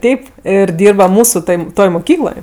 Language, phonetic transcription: Lithuanian, ˈteip ir ˈdyrba ˈmūsu toj ˈtoj moˈkykloj

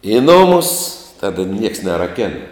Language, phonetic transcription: Lithuanian, i ˈnumus ˈtada nieks neraˈkena

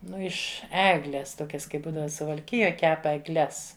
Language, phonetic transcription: Lithuanian, ˈnu iš ˈeglės ˈtokias ˈkaip ˈbūdava suvalˈkijoj ˈkep egˈles

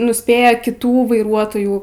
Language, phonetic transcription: Lithuanian, nusˈpėja kiˈtų vaiˈruotojų

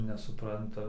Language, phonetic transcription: Lithuanian, nesuˈpranta

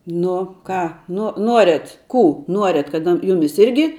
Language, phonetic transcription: Lithuanian, ˈnu ˈką ˈnu ˈnuoriat ˈkų ˈnuoriat kad ˈjumis ˈirgi

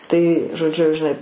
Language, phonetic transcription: Lithuanian, tai žoˈdžiu žiˈnai

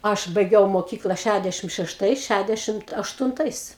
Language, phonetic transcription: Lithuanian, ˈaš baiˈgiau moˈkykla ˈšædešim šešˈtais ˈšædešimt aštunˈtais

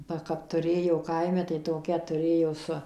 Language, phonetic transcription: Lithuanian, ba kap tuˈrėjau ˈkaime tai toˈkia tuˈrėjo ˈsu

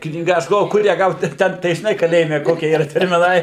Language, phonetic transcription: Lithuanian, knyˈga ˈaš galˈvoju ˈkur ją ˈgaut ˈten tai žiˈnai kaˈlėjime ˈkokie yˈra termiˈnai

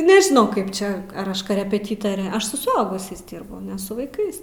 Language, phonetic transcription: Lithuanian, nežiˈnau ˈkaip ˈčia ar ˈaš korepeˈtytore ˈaš su suˈaugusiais ˈdyrbu ne su vaiˈkais

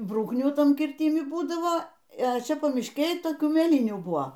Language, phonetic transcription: Lithuanian, ˈbrūknių ˈtam kirˈtimi ˈbūdavo e ˈčia pamišˈkėj toˈkių mėˈlynių ˈbuo

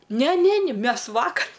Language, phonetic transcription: Lithuanian, ˈne ˈne ˈni ˈmes ˈvakar

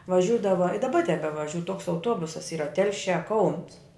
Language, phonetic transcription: Lithuanian, vaˈžiūdava i daˈba tebevaˈžiū toks auˈtuobusas ˈyra ˈtelšiā kauns

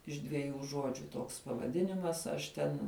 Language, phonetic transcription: Lithuanian, iš dveˈjų ˈžuodžiu ˈtoks pavaˈdinimas ˈaš ten

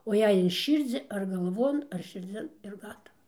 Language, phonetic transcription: Lithuanian, o ˈjei in ˈšyrdzi ar galˈvon ar širˈdzin ir ˈgatava

